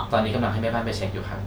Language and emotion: Thai, neutral